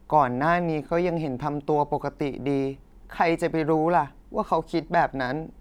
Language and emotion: Thai, frustrated